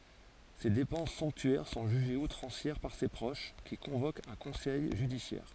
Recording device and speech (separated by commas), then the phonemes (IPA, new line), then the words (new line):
forehead accelerometer, read sentence
se depɑ̃s sɔ̃ptyɛʁ sɔ̃ ʒyʒez utʁɑ̃sjɛʁ paʁ se pʁoʃ ki kɔ̃vokt œ̃ kɔ̃sɛj ʒydisjɛʁ
Ses dépenses somptuaires sont jugées outrancières par ses proches, qui convoquent un conseil judiciaire.